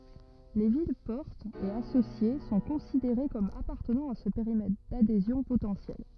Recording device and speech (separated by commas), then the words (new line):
rigid in-ear microphone, read sentence
Les villes-portes et associées sont considérées comme appartenant à ce périmètre d'adhésions potentielles.